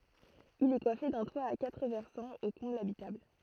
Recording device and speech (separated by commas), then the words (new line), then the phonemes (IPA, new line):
throat microphone, read sentence
Il est coiffé d'un toit à quatre versants aux combles habitables.
il ɛ kwafe dœ̃ twa a katʁ vɛʁsɑ̃z o kɔ̃blz abitabl